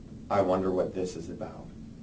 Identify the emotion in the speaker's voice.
neutral